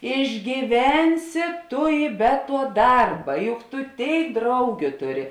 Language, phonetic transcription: Lithuanian, išgyˈvensi ˈtu i be tuo ˈdarba ˈjuk tu ˈtėik ˈdraugiu ˈtuˌri

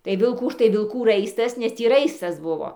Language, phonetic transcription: Lithuanian, tai vilˈkų ˈtai vilˈkų ˈraistas nes ˈtį ˈraistas ˈbuvo

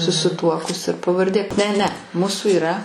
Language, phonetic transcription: Lithuanian, susiˈtuokus ir pavarˈdė ne ne ˈmūsu iˈra

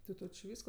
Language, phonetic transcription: Lithuanian, ti ˈto či ˈvysko

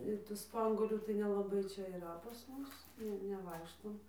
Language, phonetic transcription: Lithuanian, ir tų ˈspanguolių tai nelaˈbai ˈčia yˈra pas ˈmus ˈne neˈvaikštom

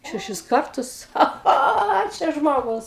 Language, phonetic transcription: Lithuanian, šeˈšis ˈkartus ˈcha ˈcho o ˈčia ˈžmogus

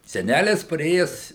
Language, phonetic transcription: Lithuanian, seˈnælis paˈrėjes

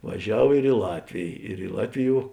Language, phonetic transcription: Lithuanian, vaˈžiav ir i ˈlatvėj ir i ˈlatviˌjuo

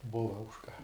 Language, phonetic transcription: Lithuanian, ˈbuva už ka

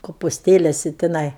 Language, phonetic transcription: Lithuanian, kopusˈtėlesi tiˈnai

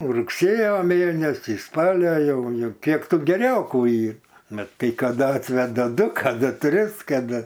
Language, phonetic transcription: Lithuanian, rugˈsėjo ˈmėnesį ˈspalio ˈjau ˈjau ˈkiek ˈtų geˈriokų ˈyr ˈmat kai kaˈda ˈatveda ˈdu kaˈdu ˈtris kaˈda

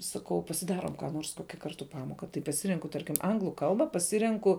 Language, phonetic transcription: Lithuanian, saˈkau pasiˈdarom ką ˈnors ˈkokia ˈkartu ˈpamoka tai paˈsirenku ˈtarkim ˈanglu ˈkalba paˈsirenku

